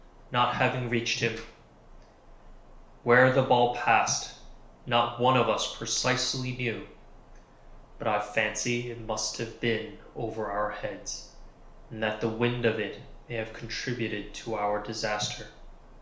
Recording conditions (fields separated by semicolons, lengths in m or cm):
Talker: one person; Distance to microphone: 1.0 m; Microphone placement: close; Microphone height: 1.1 m; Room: small (3.7 m by 2.7 m); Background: none